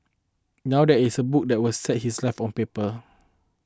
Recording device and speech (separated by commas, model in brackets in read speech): close-talking microphone (WH20), read sentence